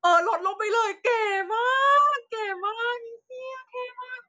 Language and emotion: Thai, happy